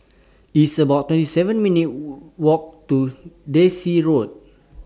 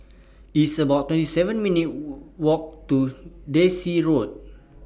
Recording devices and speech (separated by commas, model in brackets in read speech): standing microphone (AKG C214), boundary microphone (BM630), read sentence